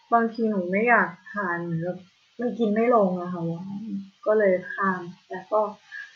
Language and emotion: Thai, frustrated